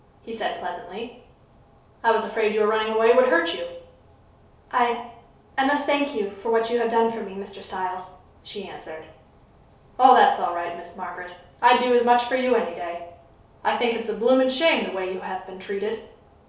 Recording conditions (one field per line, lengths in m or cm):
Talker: one person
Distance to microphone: 3.0 m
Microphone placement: far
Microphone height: 1.8 m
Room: small (3.7 m by 2.7 m)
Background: none